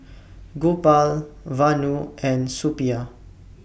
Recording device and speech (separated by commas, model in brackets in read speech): boundary microphone (BM630), read sentence